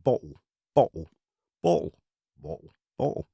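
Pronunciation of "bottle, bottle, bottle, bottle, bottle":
'Bottle' is said several times over with glottalization: the t in the middle is dropped.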